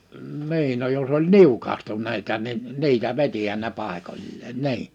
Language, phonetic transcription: Finnish, 'ni̬in no jos ‿oĺ "niukahtun̆neita nin 'ni̬itä 'vetihän ne 'pàekoĺleen "ni̬in .
- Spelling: niin no jos oli niukahtuneita niin niitä vetihän ne paikoilleen niin

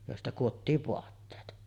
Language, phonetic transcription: Finnish, jòesta kuottiiv 'voatteet .
- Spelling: joista kudottiin vaatteet

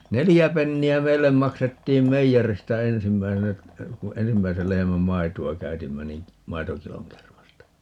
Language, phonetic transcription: Finnish, "nelijä 'penni₍ä "meillem 'maksettiim "meijeristä 'ensimmäisenä , ku "ensimmäisel 'lehemäm 'maitu₍a "käytimmä nin̬ , "maitokiloŋ 'kermasta .
- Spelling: neljä penniä meille maksettiin meijeristä ensimmäisenä kun ensimmäisen lehmän maitoa käytimme niin maitokilon kermasta

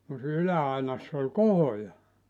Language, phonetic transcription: Finnish, kun sii(nä) 'ylä₍ainass ‿oĺ "kohoja .
- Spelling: kun siinä yläainassa oli kohoja

